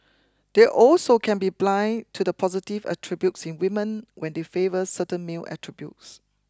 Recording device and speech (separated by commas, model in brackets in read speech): close-talking microphone (WH20), read sentence